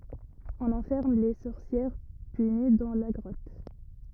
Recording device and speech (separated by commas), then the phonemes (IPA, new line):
rigid in-ear microphone, read sentence
ɔ̃n ɑ̃fɛʁm le sɔʁsjɛʁ pyni dɑ̃ la ɡʁɔt